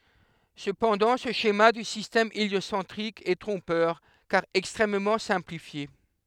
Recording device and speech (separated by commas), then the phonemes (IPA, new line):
headset microphone, read sentence
səpɑ̃dɑ̃ sə ʃema dy sistɛm eljosɑ̃tʁik ɛ tʁɔ̃pœʁ kaʁ ɛkstʁɛmmɑ̃ sɛ̃plifje